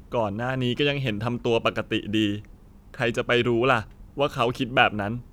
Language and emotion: Thai, sad